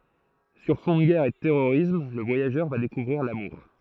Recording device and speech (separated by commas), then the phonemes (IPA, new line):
throat microphone, read sentence
syʁ fɔ̃ də ɡɛʁ e də tɛʁoʁism lə vwajaʒœʁ va dekuvʁiʁ lamuʁ